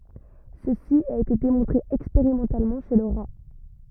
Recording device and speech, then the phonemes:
rigid in-ear microphone, read sentence
səsi a ete demɔ̃tʁe ɛkspeʁimɑ̃talmɑ̃ ʃe lə ʁa

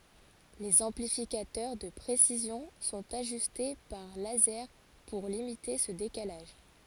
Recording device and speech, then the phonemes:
forehead accelerometer, read sentence
lez ɑ̃plifikatœʁ də pʁesizjɔ̃ sɔ̃t aʒyste paʁ lazɛʁ puʁ limite sə dekalaʒ

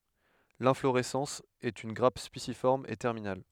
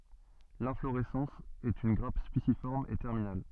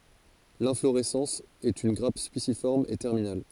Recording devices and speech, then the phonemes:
headset microphone, soft in-ear microphone, forehead accelerometer, read sentence
lɛ̃floʁɛsɑ̃s ɛt yn ɡʁap spisifɔʁm e tɛʁminal

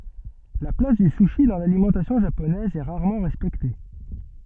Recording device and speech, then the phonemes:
soft in-ear microphone, read sentence
la plas dy suʃi dɑ̃ lalimɑ̃tasjɔ̃ ʒaponɛz ɛ ʁaʁmɑ̃ ʁɛspɛkte

